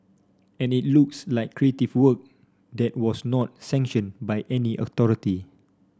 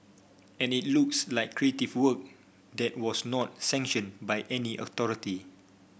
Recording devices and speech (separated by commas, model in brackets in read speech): standing microphone (AKG C214), boundary microphone (BM630), read sentence